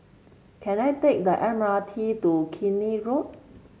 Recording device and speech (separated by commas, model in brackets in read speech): mobile phone (Samsung C7), read sentence